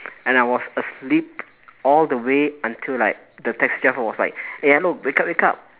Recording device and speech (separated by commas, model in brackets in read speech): telephone, conversation in separate rooms